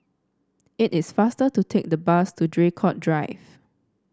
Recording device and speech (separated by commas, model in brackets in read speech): standing microphone (AKG C214), read sentence